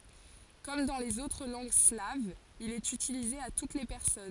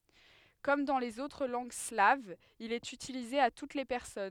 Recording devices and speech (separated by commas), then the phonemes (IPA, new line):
forehead accelerometer, headset microphone, read sentence
kɔm dɑ̃ lez otʁ lɑ̃ɡ slavz il ɛt ytilize a tut le pɛʁsɔn